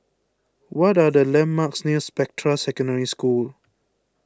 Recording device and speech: close-talking microphone (WH20), read sentence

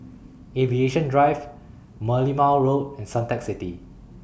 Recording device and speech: boundary microphone (BM630), read sentence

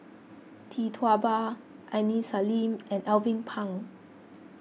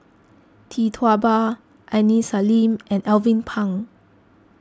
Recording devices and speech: mobile phone (iPhone 6), close-talking microphone (WH20), read sentence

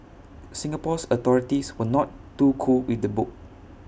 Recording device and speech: boundary microphone (BM630), read sentence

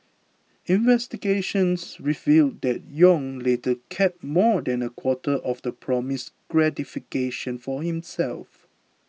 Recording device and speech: mobile phone (iPhone 6), read sentence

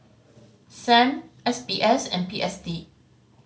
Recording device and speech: mobile phone (Samsung C5010), read sentence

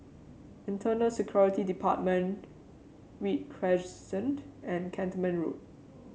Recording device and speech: mobile phone (Samsung C7), read sentence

